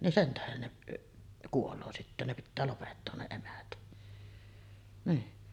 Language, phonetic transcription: Finnish, nin 'sen tähen neˀ , 'kuoloo sittä ne pittää lopettoon ne nii .
- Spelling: niin sen tähden ne kuolee sitten ne pitää lopettaa ne niin

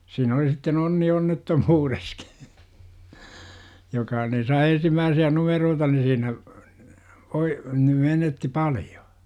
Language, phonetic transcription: Finnish, siin ‿oli sitten 'onni 'onnettomuureskI , 'joka ni sai 'ensimmääsi₍ä "numeroota ni 'siinä , voi , ni menetti 'palJO .
- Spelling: siinä oli sitten onni onnettomuudessakin joka niin sai ensimmäisiä numeroita niin siinä voi niin menettää paljon

